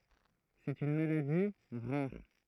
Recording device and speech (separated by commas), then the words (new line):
throat microphone, read sentence
C'est une maladie rare.